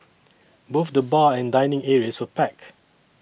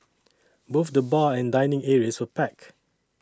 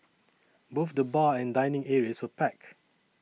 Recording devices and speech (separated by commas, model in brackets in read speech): boundary microphone (BM630), standing microphone (AKG C214), mobile phone (iPhone 6), read sentence